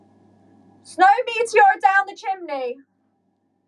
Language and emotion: English, neutral